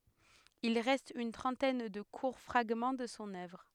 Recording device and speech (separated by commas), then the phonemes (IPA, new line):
headset microphone, read sentence
il ʁɛst yn tʁɑ̃tɛn də kuʁ fʁaɡmɑ̃ də sɔ̃ œvʁ